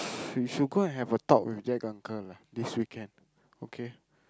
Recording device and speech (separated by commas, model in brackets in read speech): close-talking microphone, conversation in the same room